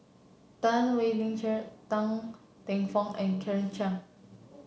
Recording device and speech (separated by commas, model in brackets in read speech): mobile phone (Samsung C7), read sentence